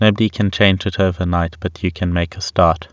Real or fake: real